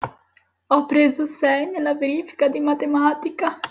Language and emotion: Italian, sad